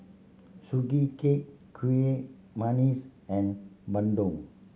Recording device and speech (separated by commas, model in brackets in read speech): mobile phone (Samsung C7100), read sentence